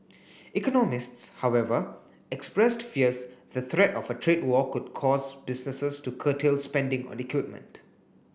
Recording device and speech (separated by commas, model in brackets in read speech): boundary microphone (BM630), read sentence